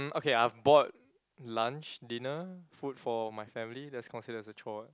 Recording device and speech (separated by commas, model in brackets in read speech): close-talking microphone, conversation in the same room